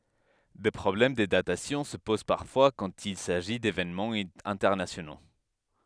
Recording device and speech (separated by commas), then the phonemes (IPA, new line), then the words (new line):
headset microphone, read sentence
de pʁɔblɛm də datasjɔ̃ sə poz paʁfwa kɑ̃t il saʒi devenmɑ̃z ɛ̃tɛʁnasjono
Des problèmes de datation se posent parfois quand il s'agit d'événements internationaux.